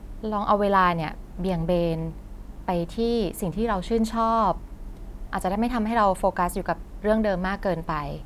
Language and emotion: Thai, neutral